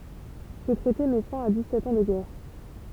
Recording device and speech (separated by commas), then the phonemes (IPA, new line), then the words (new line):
temple vibration pickup, read sentence
sə tʁɛte mɛ fɛ̃ a dikssɛt ɑ̃ də ɡɛʁ
Ce traité met fin à dix-sept ans de guerre.